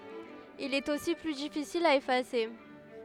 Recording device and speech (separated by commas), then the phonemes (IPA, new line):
headset microphone, read sentence
il ɛt osi ply difisil a efase